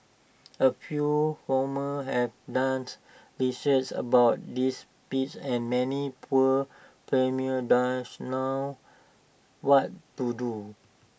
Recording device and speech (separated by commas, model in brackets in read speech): boundary microphone (BM630), read sentence